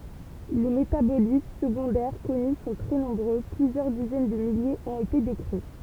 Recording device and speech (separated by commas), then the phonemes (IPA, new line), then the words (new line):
temple vibration pickup, read sentence
le metabolit səɡɔ̃dɛʁ kɔny sɔ̃ tʁɛ nɔ̃bʁø plyzjœʁ dizɛn də miljez ɔ̃t ete dekʁi
Les métabolites secondaires connus sont très nombreux, plusieurs dizaines de milliers ont été décrits.